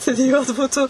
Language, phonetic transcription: Lithuanian, studiˈjuot ˈbūtų

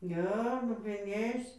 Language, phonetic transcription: Lithuanian, ˈne lopiˈnys

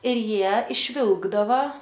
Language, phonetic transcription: Lithuanian, ir ˈjie išˈvilkdava

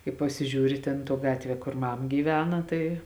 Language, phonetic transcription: Lithuanian, kai pasiˈžiūri ˈtėn tuo ˈgatvie kor ˈmam gyˈvena tai

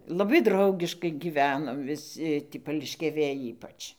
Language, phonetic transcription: Lithuanian, laˈbai ˈdraugiškai gyˈvenom viˈsi tį pališkiaˈvėj ˈypač

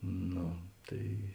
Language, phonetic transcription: Lithuanian, ˈno ˈtai

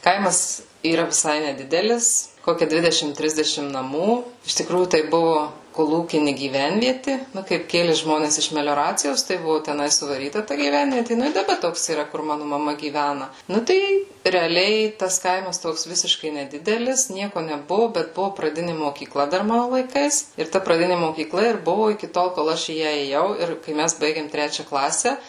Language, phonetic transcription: Lithuanian, ˈkaimas yˈra viˈsai neˈdidelis ˈkokia ˈdvidešim ˈtrisdešim naˈmų iš tiˈkrųjų tai ˈbuvo koˈlūkini gyˈvenvieti ˈnu kaip ˈkėli ˈžmones iš melioˈracijos tai ˈbuvo teˈnai suvaˈryta ta gyˈvenvieti ˈnu i daˈba ˈtoks yˈra kur ˈmanu maˈma gyˈvæna ˈnu tai reaˈliai tas ˈkaimas ˈtoks ˈvisiškai neˈdidelis ˈnieko neˈbuvu bet ˈbuvu praˈdini mokyˈkla dar ˈmanu laiˈkais ir ˈta praˈdini mokyˈkla ir ˈbuvo iki ˈtol kol ˈaš į ˈją ėˈjau ˈir kai ˈmæs ˈbaigėm ˈtrečia ˈklase

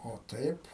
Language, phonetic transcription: Lithuanian, o ˈtaip

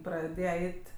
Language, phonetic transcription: Lithuanian, praˈdėje ˈeit'

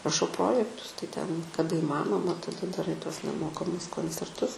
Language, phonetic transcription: Lithuanian, raˈšau ˈprojektus tai ˈten kaˈda įˈmanoma tadaˈrai tuos neˈmokamus koncerˈtus

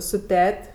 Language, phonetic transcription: Lithuanian, su ˈtet'

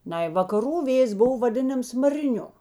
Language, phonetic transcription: Lithuanian, ˈnai vakaˈrų ˈvėjės ˈbuvo vaˈdinams mariˈniu

